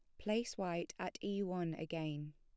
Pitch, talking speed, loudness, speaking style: 170 Hz, 170 wpm, -41 LUFS, plain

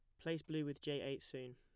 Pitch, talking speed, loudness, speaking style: 145 Hz, 265 wpm, -45 LUFS, plain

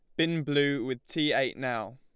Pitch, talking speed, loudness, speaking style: 150 Hz, 205 wpm, -29 LUFS, Lombard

